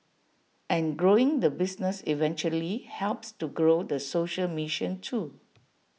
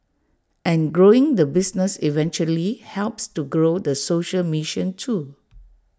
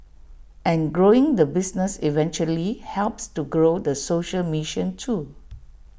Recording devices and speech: mobile phone (iPhone 6), standing microphone (AKG C214), boundary microphone (BM630), read sentence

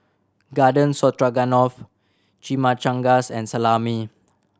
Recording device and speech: standing microphone (AKG C214), read sentence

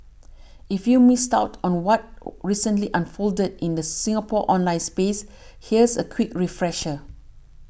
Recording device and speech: boundary microphone (BM630), read sentence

